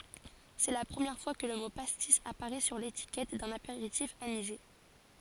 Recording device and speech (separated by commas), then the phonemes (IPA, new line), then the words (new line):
forehead accelerometer, read sentence
sɛ la pʁəmjɛʁ fwa kə lə mo pastis apaʁɛ syʁ letikɛt dœ̃n apeʁitif anize
C'est la première fois que le mot pastis apparaît sur l'étiquette d'un apéritif anisé.